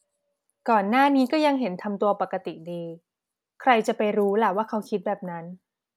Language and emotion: Thai, neutral